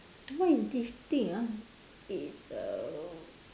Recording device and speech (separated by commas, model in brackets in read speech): standing microphone, conversation in separate rooms